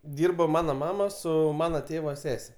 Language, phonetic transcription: Lithuanian, ˈdirbo ˈmano ˈmama ˈsu ˈmana ˈtėva ˈsese

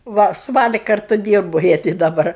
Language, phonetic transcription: Lithuanian, ˈva su ˈvali ˈkartu ˈdyrbo ˈjie ti daˈbar

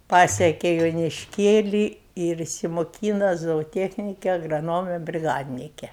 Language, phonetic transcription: Lithuanian, ˈpasiekė jonišˈkėlį ir išsimoˈkyna zooˈtiechnike agraˈnome briˈgadnike

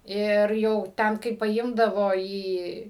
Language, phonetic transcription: Lithuanian, ˈir jau ˈten kai paˈimdavo ˈį

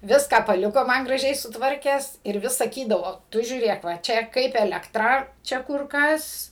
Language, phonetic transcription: Lithuanian, ˈviską paˈliko ˈman graˈžiai sutˈvarkęs ir ˈvis saˈkydavo ˈtu žiūˈrėk va ˈčia ˈkaip elekˈtra ˈčia ˈkur ˈkas

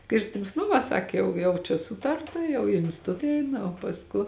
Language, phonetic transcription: Lithuanian, ˈskirstims nu va ˈsak ˈjau jau čia ˈsūtarta jau i instiˈtut ˈeina o pasˈku

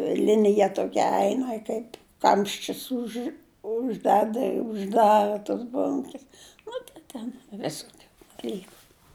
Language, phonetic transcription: Lithuanian, ˈlinija toˈkia ˈeina ˈkaip ˈkamščius už užˈdeda i užˈdara tos ˈbonkes nu tai ˈten ˈvisokiu daˈlyku

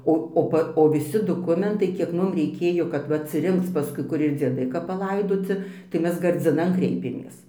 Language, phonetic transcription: Lithuanian, ˈo o ˈpa o viˈsi doˈkumentai kiek ˈmum reiˈkėjo kad ˈva atsiˈrinkc paˈskui ˈkur ir dzieˈdai kap paˈlaidoci tai ˈmes gardziˈnan ˈkreipėmės

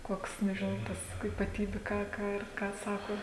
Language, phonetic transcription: Lithuanian, ˈkoks nežiˈnau ˈtas ypaˈtybiu ˈką ˈką ir ˈką ˈsako

